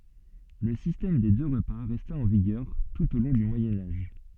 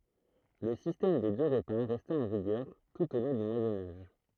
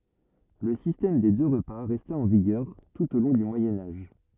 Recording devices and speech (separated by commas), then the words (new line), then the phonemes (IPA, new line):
soft in-ear microphone, throat microphone, rigid in-ear microphone, read sentence
Le système des deux repas resta en vigueur tout au long du Moyen Âge.
lə sistɛm de dø ʁəpa ʁɛsta ɑ̃ viɡœʁ tut o lɔ̃ dy mwajɛ̃ aʒ